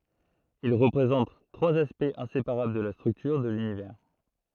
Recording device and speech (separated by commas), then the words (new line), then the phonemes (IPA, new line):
throat microphone, read sentence
Ils représentent trois aspects inséparables de la structure de l'Univers.
il ʁəpʁezɑ̃t tʁwaz aspɛktz ɛ̃sepaʁabl də la stʁyktyʁ də lynivɛʁ